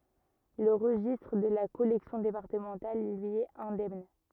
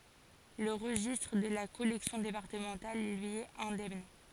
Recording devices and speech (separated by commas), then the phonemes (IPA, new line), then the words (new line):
rigid in-ear microphone, forehead accelerometer, read sentence
lə ʁəʒistʁ də la kɔlɛksjɔ̃ depaʁtəmɑ̃tal lyi ɛt ɛ̃dɛmn
Le registre de la collection départementale, lui, est indemne.